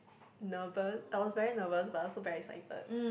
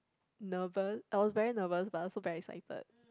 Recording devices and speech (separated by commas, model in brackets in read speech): boundary microphone, close-talking microphone, conversation in the same room